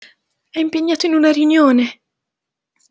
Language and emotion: Italian, fearful